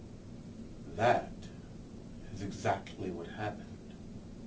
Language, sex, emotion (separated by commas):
English, male, neutral